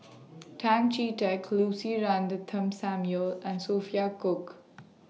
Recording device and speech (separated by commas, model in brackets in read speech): mobile phone (iPhone 6), read sentence